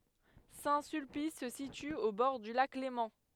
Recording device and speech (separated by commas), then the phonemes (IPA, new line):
headset microphone, read sentence
sɛ̃ sylpis sə sity o bɔʁ dy lak lemɑ̃